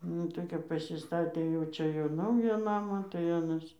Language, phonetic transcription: Lithuanian, ˈnu tai kap pasiˈstatė jau ˈčia jau ˈnaują ˈnamą tai ˈanas

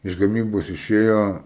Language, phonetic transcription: Lithuanian, iš gaˈmybos iˈšėjo

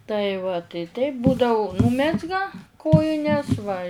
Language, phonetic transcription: Lithuanian, tai va tai taip ˈbūdau ˈnūmezga ˈkojines va

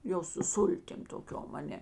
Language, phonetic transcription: Lithuanian, ˈjau su ˈsultim toˈkiom aˈne

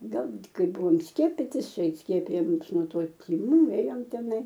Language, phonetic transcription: Lithuanian, ˈgal ˈkai ˈbuvom ˈskiepitis ˈčia ˈskiepijo ˈmus nuo ˈto tiˈmų ˈėjom teˈnai

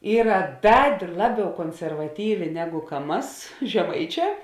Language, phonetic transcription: Lithuanian, ˈyra ˈda ˈlaˌbiau konservaˈtyvė ˈnegu ka ˈmas žeˈmaiˌčē

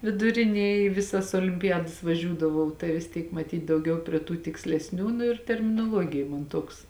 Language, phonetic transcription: Lithuanian, viduˈrinėj i ˈvisas olimpiˈjadas vaˈžiūdavau tai vis ˈtiek maˈtyt dauˈgiau prie ˈtų tikslesˈnių ˈnu ir terminoˈluogija man ˈtuoks

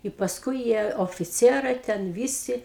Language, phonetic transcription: Lithuanian, i pasˈkui ˈjie ofiˈcierai ten ˈvysi

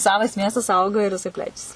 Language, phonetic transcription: Lithuanian, ˈsavas ˈmiestas ˈauga ir jiˈsai ˈplečiasi

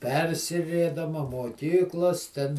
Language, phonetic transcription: Lithuanian, ˈpersivėdama moˈkyklos ten

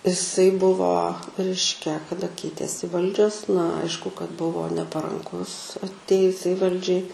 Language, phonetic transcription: Lithuanian, iˈsai ˈbuvo ˈreiškia kaˈda ˈkeitėsi ˈvaldžios na ˈaišku kad ˈbuvo neparanˈkus atˈėjusiai ˈvaldžiai

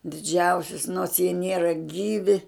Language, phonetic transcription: Lithuanian, diˈdžiausius nors jie ˈniera ˈgyvi

